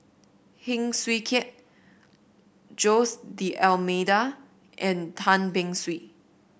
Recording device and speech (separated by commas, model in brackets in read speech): boundary microphone (BM630), read sentence